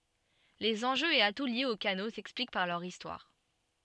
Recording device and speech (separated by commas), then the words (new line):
soft in-ear microphone, read sentence
Les enjeux et atouts liés aux canaux s'expliquent par leur histoire.